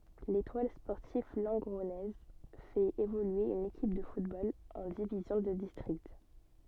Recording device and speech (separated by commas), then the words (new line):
soft in-ear microphone, read sentence
L'Étoile sportive lengronnaise fait évoluer une équipe de football en division de district.